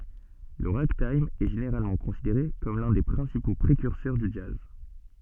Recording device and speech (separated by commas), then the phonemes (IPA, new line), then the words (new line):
soft in-ear microphone, read sentence
lə ʁaɡtajm ɛ ʒeneʁalmɑ̃ kɔ̃sideʁe kɔm lœ̃ de pʁɛ̃sipo pʁekyʁsœʁ dy dʒaz
Le ragtime est généralement considéré comme l'un des principaux précurseurs du jazz.